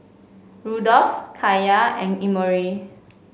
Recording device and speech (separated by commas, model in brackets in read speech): mobile phone (Samsung C5), read sentence